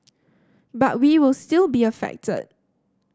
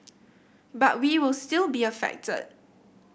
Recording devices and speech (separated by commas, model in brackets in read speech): standing microphone (AKG C214), boundary microphone (BM630), read sentence